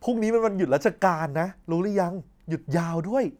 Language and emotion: Thai, happy